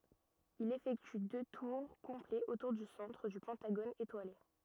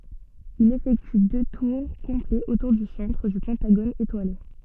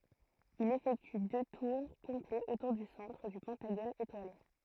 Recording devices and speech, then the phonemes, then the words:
rigid in-ear microphone, soft in-ear microphone, throat microphone, read sentence
il efɛkty dø tuʁ kɔ̃plɛz otuʁ dy sɑ̃tʁ dy pɑ̃taɡon etwale
Il effectue deux tours complets autour du centre du pentagone étoilé.

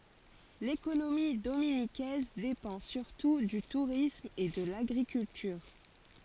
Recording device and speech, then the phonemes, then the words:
forehead accelerometer, read sentence
lekonomi dominikɛz depɑ̃ syʁtu dy tuʁism e də laɡʁikyltyʁ
L'économie dominiquaise dépend surtout du tourisme et de l'agriculture.

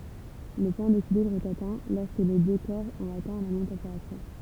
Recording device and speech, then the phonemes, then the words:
temple vibration pickup, read sentence
lə pwɛ̃ dekilibʁ ɛt atɛ̃ lɔʁskə le dø kɔʁ ɔ̃t atɛ̃ la mɛm tɑ̃peʁatyʁ
Le point d'équilibre est atteint lorsque les deux corps ont atteint la même température.

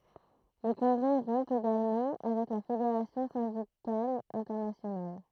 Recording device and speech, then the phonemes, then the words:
throat microphone, read sentence
lə kɔ̃ɡʁɛ ʁɔ̃ eɡalmɑ̃ avɛk la fedeʁasjɔ̃ sɛ̃dikal ɛ̃tɛʁnasjonal
Le congrès rompt également avec la Fédération syndicale internationale.

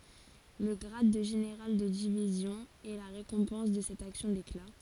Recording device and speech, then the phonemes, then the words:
forehead accelerometer, read sentence
lə ɡʁad də ʒeneʁal də divizjɔ̃ ɛ la ʁekɔ̃pɑ̃s də sɛt aksjɔ̃ dekla
Le grade de général de division est la récompense de cette action d'éclat.

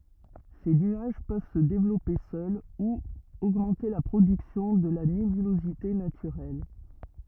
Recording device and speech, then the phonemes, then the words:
rigid in-ear microphone, read sentence
se nyaʒ pøv sə devlɔpe sœl u oɡmɑ̃te la pʁodyksjɔ̃ də la nebylozite natyʁɛl
Ces nuages peuvent se développer seuls ou augmenter la production de la nébulosité naturelle.

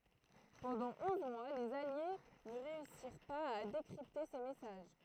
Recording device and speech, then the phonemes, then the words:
throat microphone, read sentence
pɑ̃dɑ̃ ɔ̃z mwa lez alje nə ʁeysiʁ paz a dekʁipte se mɛsaʒ
Pendant onze mois, les alliés ne réussirent pas à décrypter ces messages.

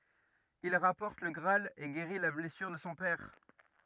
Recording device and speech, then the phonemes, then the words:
rigid in-ear microphone, read sentence
il ʁapɔʁt lə ɡʁaal e ɡeʁi la blɛsyʁ də sɔ̃ pɛʁ
Il rapporte le Graal et guérit la blessure de son père.

